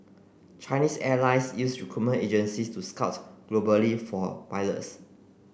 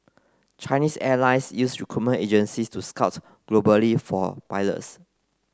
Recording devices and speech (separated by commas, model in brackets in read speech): boundary microphone (BM630), close-talking microphone (WH30), read sentence